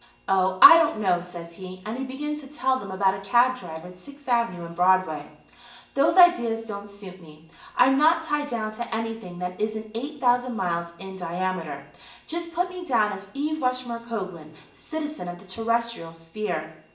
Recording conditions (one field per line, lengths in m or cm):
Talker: one person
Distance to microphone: 1.8 m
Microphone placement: close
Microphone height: 1.0 m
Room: large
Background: television